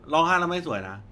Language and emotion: Thai, neutral